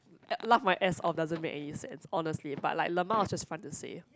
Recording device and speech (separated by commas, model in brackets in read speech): close-talking microphone, conversation in the same room